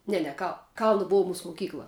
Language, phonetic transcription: Lithuanian, ˈne ne kal ˈkalna ˈbov ˈmūs moˈkykla

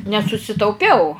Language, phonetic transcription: Lithuanian, nesusitauˈpiau

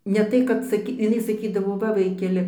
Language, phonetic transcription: Lithuanian, ˈne tai kad saˈky iˈnai saˈkydavo ˈva ˈvaikeli

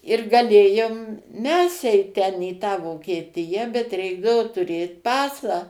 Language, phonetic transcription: Lithuanian, ir gaˈlėjom ˈmes ˈeit ˈten į ˈtą vokieˈtija bet ˈreikdavo tuˈrėt ˈpasą

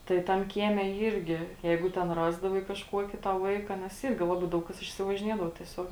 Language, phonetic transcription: Lithuanian, ˈtai tam ˈkieme ˈyrgi ˈjeigu ˈten ˈrasdavai kažˈkuoki ta ˈvaika nes ˈyrgi ˈlaˌbai ˈdaug ˌkas išsivažiˈniedavo tieˈsiog

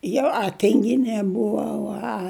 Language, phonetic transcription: Lithuanian, ˈjau a ˈtinˈginė ˈbuvau a

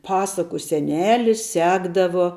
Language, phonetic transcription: Lithuanian, ˈpasaku seˈnelis ˈsekdavo

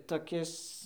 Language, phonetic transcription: Lithuanian, toˈkis

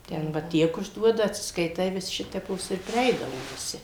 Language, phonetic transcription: Lithuanian, ˈten va ˈtiek užˈduoda atsiskaiˈtai vis ˈšitepos ir priˈeidavo viˈsi

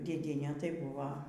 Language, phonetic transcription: Lithuanian, dėˈdiene tai ˈbuva

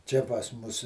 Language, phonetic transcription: Lithuanian, ˈčia pas ˈmus

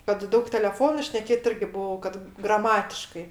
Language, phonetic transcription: Lithuanian, kad ˈdaug teleˈfonu šneˈkėt ˈirgi ˈbuvau kad graˈmatiškai

